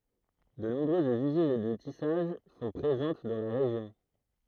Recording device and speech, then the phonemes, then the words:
throat microphone, read sentence
də nɔ̃bʁøzz yzin də tisaʒ sɔ̃ pʁezɑ̃t dɑ̃ la ʁeʒjɔ̃
De nombreuses usines de tissage sont présentes dans la région.

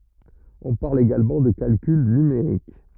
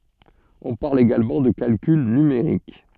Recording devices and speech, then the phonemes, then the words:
rigid in-ear microphone, soft in-ear microphone, read sentence
ɔ̃ paʁl eɡalmɑ̃ də kalkyl nymeʁik
On parle également de calcul numérique.

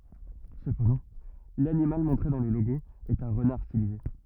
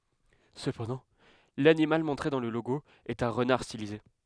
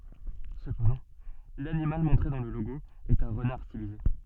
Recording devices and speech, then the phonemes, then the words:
rigid in-ear microphone, headset microphone, soft in-ear microphone, read sentence
səpɑ̃dɑ̃ lanimal mɔ̃tʁe dɑ̃ lə loɡo ɛt œ̃ ʁənaʁ stilize
Cependant, l'animal montré dans le logo est un renard stylisé.

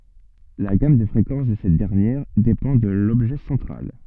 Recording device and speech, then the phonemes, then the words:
soft in-ear microphone, read sentence
la ɡam də fʁekɑ̃s də sɛt dɛʁnjɛʁ depɑ̃ də lɔbʒɛ sɑ̃tʁal
La gamme de fréquences de cette dernière dépend de l'objet central.

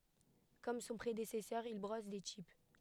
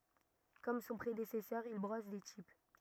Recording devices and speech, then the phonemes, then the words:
headset microphone, rigid in-ear microphone, read sentence
kɔm sɔ̃ pʁedesɛsœʁ il bʁɔs de tip
Comme son prédécesseur, il brosse des types.

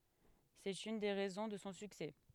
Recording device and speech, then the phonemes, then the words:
headset microphone, read sentence
sɛt yn de ʁɛzɔ̃ də sɔ̃ syksɛ
C'est une des raisons de son succès.

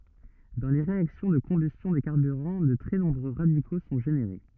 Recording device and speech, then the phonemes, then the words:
rigid in-ear microphone, read sentence
dɑ̃ le ʁeaksjɔ̃ də kɔ̃bystjɔ̃ de kaʁbyʁɑ̃ də tʁɛ nɔ̃bʁø ʁadiko sɔ̃ ʒeneʁe
Dans les réactions de combustion des carburants, de très nombreux radicaux sont générés.

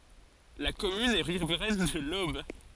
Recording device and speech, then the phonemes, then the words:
forehead accelerometer, read sentence
la kɔmyn ɛ ʁivʁɛn də lob
La commune est riveraine de l'Aube.

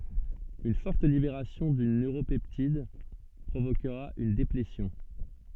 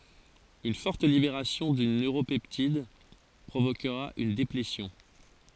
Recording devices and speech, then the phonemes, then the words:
soft in-ear microphone, forehead accelerometer, read sentence
yn fɔʁt libeʁasjɔ̃ dyn nøʁopɛptid pʁovokʁa yn deplesjɔ̃
Une forte libération d'une neuropeptide provoquera une déplétion.

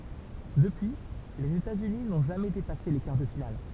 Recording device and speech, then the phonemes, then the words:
temple vibration pickup, read sentence
dəpyi lez etatsyni nɔ̃ ʒamɛ depase le kaʁ də final
Depuis, les États-Unis n'ont jamais dépassé les quarts de finale.

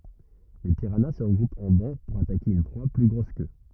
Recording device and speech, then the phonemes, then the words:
rigid in-ear microphone, read sentence
le piʁana sə ʁəɡʁupt ɑ̃ bɑ̃ puʁ atake yn pʁwa ply ɡʁos kø
Les piranhas se regroupent en bancs pour attaquer une proie plus grosse qu'eux.

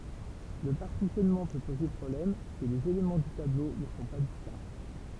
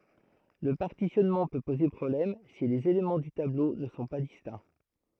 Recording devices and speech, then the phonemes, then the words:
temple vibration pickup, throat microphone, read sentence
lə paʁtisjɔnmɑ̃ pø poze pʁɔblɛm si lez elemɑ̃ dy tablo nə sɔ̃ pa distɛ̃
Le partitionnement peut poser problème si les éléments du tableau ne sont pas distincts.

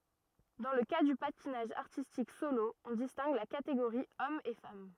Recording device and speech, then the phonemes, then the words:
rigid in-ear microphone, read sentence
dɑ̃ lə ka dy patinaʒ aʁtistik solo ɔ̃ distɛ̃ɡ la kateɡoʁi ɔm e fam
Dans le cas du patinage artistique solo, on distingue la catégorie homme et femme.

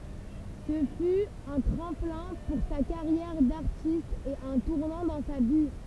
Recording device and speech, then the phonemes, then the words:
temple vibration pickup, read sentence
sə fy œ̃ tʁɑ̃plɛ̃ puʁ sa kaʁjɛʁ daʁtist e œ̃ tuʁnɑ̃ dɑ̃ sa vi
Ce fut un tremplin pour sa carrière d'artiste et un tournant dans sa vie.

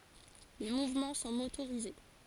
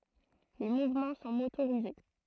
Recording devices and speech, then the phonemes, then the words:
forehead accelerometer, throat microphone, read sentence
le muvmɑ̃ sɔ̃ motoʁize
Les mouvements sont motorisés.

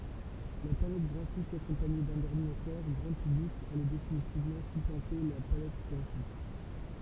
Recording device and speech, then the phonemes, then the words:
temple vibration pickup, read sentence
la palɛt ɡʁafik akɔ̃paɲe dœ̃n ɔʁdinatœʁ ɡʁɑ̃ pyblik alɛ definitivmɑ̃ syplɑ̃te la palɛt ɡʁafik
La palette graphique accompagnée d'un ordinateur grand public allait définitivement supplanter la palette graphique.

